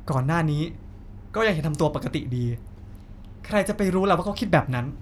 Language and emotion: Thai, frustrated